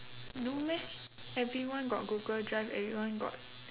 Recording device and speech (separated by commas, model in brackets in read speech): telephone, conversation in separate rooms